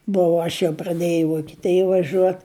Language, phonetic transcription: Lithuanian, ˈbuvu ˈaš jau praˈdėjau i vokiˈtėja vaˈžiuot

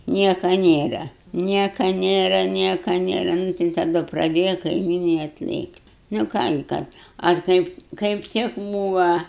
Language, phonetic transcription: Lithuanian, ˈnieka ˈnėra ˈnieka ˈnėra ˈnieka ˈnėra ˈnu tai taˈdu praˈdėja kaiˈmynai atˈlėkt' nu ˈką gi ˈkad ar ˈkaip kaip ˈtik ˈbūva

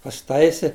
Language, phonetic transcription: Lithuanian, pasiˈtaisi

